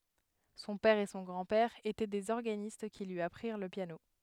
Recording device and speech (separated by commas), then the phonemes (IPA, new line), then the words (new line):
headset microphone, read sentence
sɔ̃ pɛʁ e sɔ̃ ɡʁɑ̃dpɛʁ etɛ dez ɔʁɡanist ki lyi apʁiʁ lə pjano
Son père et son grand-père étaient des organistes qui lui apprirent le piano.